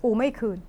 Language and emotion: Thai, angry